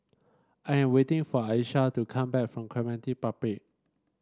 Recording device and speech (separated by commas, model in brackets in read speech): standing microphone (AKG C214), read sentence